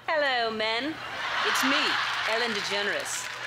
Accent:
English accent